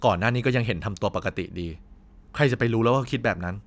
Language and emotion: Thai, frustrated